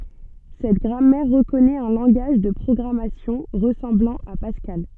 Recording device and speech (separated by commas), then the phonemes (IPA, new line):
soft in-ear microphone, read sentence
sɛt ɡʁamɛʁ ʁəkɔnɛt œ̃ lɑ̃ɡaʒ də pʁɔɡʁamasjɔ̃ ʁəsɑ̃blɑ̃ a paskal